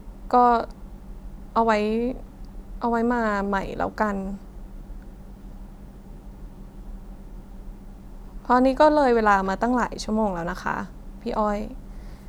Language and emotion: Thai, frustrated